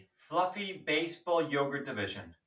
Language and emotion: English, sad